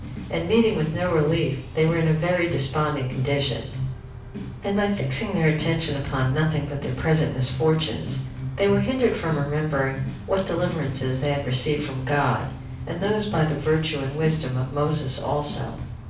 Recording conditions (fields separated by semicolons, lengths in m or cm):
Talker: one person; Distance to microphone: 5.8 m; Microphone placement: far; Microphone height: 1.8 m; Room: medium-sized (5.7 m by 4.0 m); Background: music